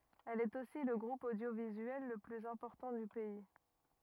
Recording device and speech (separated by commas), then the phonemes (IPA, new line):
rigid in-ear microphone, read sentence
ɛl ɛt osi lə ɡʁup odjovizyɛl lə plyz ɛ̃pɔʁtɑ̃ dy pɛi